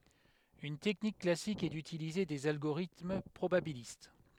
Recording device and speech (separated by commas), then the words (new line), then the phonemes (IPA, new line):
headset microphone, read sentence
Une technique classique est d'utiliser des algorithmes probabilistes.
yn tɛknik klasik ɛ dytilize dez alɡoʁitm pʁobabilist